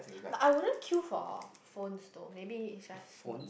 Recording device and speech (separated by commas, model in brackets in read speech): boundary microphone, conversation in the same room